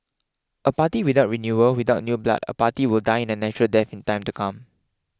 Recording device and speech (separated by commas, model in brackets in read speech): close-talking microphone (WH20), read sentence